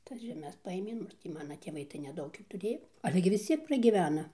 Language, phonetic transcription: Lithuanian, ˈtas žeˈmes paˈėmė ˈnu ir tį ˈmana tėˈvai tai neˈdaug ˈjų tuˈrėjo ˈale gi vis ˈciek pragyˈvena

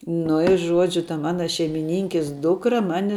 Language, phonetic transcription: Lithuanian, nu i ˈžuodžiu ta ˈmana šeimiˈninkis ˈdukra ˈmani

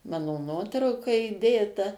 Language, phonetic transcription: Lithuanian, ˈmano ˈnuotrauka įˈdėta

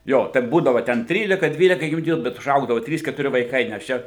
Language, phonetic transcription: Lithuanian, ˈjo ten ˈbūdavo ten ˈtrylika ˈdvyleka jųˈdieju bet uˈžaugdavo ˈtrys ketuˈri vaiˈkai nes ˈčia

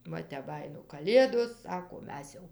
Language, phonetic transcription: Lithuanian, ˈva tep ˈbajino kaˈlėdos ˈsako ˈmes jau

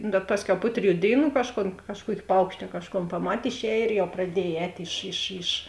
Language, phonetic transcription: Lithuanian, bet ˈpasˌkiau ˈpu triˌjų ˈdėiˌnų ˈkažˌkon ˈkažˌkuoki ˈpaukšti a ˈkažˌkon paˈmat' išˈēj ir jau praˈdiej ˈēt' iš iš iš

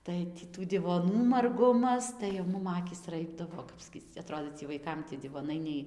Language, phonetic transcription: Lithuanian, ˈtai tį ˈtų divoˈnų marˈgumas tai jau ˈmum ˈakys ˈraibdavo ˈkap skyc aˈtrodė cie vaiˈkam tie divoˈnai nei

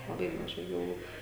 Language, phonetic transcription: Lithuanian, laˈbai maˈžai galˈvų

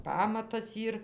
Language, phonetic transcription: Lithuanian, ˈpamatas ˈyr

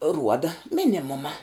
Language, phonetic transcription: Lithuanian, ˈruoda ˈminimuma

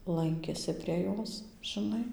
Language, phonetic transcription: Lithuanian, ˈlankėsi prie ˈjos žiˈnai

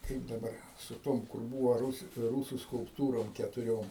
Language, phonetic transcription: Lithuanian, ˈkaip daˈbar su ˈtom kur ˈbūva ˈrūs ˈrūsu skulpˈtūrom ketuˈriom

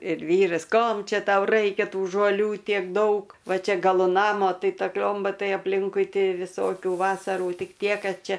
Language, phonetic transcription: Lithuanian, ir ˈvyras ˈkom ˈčia ˈtau ˈraikia ˈtų žoˈlių ˈtiek ˈdaug ˈva ˈčia gaˈlu ˈnamo ˈtai ˈta ˈkliomba ˈtai apˈlinkui ˈti viˈsokių ˈvasarų ˈtik ˈtie ˈkad ˈčia

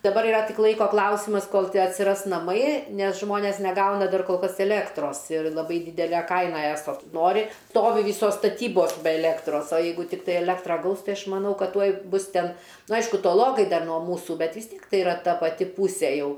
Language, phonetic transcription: Lithuanian, daˈbar iˈra ˈtik ˈlaiko ˈklausimas ˈkol atsiˈras naˈmai ˈnes ˈžmonės neˈgauna ˈdar kol ˈkas eˈlėktros ir laˈbai ˈdydele ˈkaina ˈeso ˈnori ˈstovi ˈvysos staˈtybos be eˈlėktros o ˈjeigu tikˈtai eˈlektra ˈgaus ˈtai ˈaš maˈnau ˈkad ˈtuoj ˈbus ˈten nu ˈaišku toˈlokai ˈdar nuo ˈmūsų ˈbet vis ˈtiek ˈtai iˈra ˈta paˈti ˈpusė ˈjau

